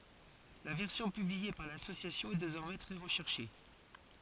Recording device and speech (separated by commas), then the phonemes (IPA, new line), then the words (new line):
forehead accelerometer, read sentence
la vɛʁsjɔ̃ pyblie paʁ lasosjasjɔ̃ ɛ dezɔʁmɛ tʁɛ ʁəʃɛʁʃe
La version publiée par L'Association est désormais très recherchée.